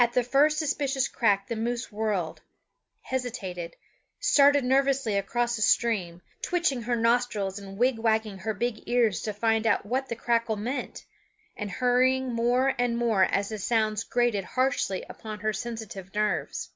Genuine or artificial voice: genuine